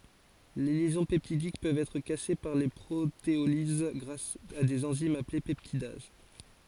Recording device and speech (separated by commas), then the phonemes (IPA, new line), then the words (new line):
forehead accelerometer, read sentence
le ljɛzɔ̃ pɛptidik pøvt ɛtʁ kase paʁ pʁoteoliz ɡʁas a dez ɑ̃zimz aple pɛptidaz
Les liaisons peptidiques peuvent être cassées par protéolyse grâce à des enzymes appelées peptidases.